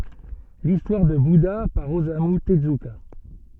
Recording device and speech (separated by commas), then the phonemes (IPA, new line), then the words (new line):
soft in-ear microphone, read sentence
listwaʁ də buda paʁ ozamy təzyka
L'histoire de Bouddha par Osamu Tezuka.